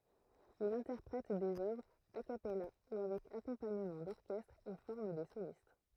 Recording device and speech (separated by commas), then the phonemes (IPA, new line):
throat microphone, read sentence
il ɛ̃tɛʁpʁɛt dez œvʁz a kapɛla u avɛk akɔ̃paɲəmɑ̃ dɔʁkɛstʁ e fɔʁm de solist